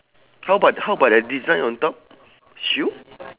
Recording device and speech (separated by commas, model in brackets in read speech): telephone, conversation in separate rooms